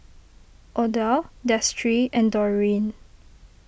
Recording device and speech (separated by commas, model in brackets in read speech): boundary microphone (BM630), read sentence